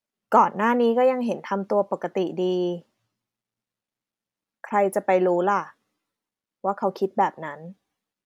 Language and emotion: Thai, neutral